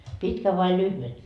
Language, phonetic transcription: Finnish, » "pitkä vai "lyhve ? »
- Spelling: pitkän vai lyhyen

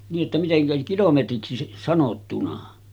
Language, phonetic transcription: Finnish, nii’ ’että 'miteŋkä 'kilometriksi sanottuna .
- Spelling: niin että miten kilometriksi sanottuna

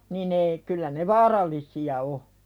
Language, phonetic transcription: Finnish, nin ‿ei , kyllä ne "vaaral̆lisi₍a o .
- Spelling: niin ei kyllä ne vaarallisia on

